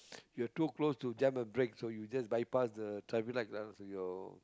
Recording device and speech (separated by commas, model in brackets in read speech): close-talking microphone, conversation in the same room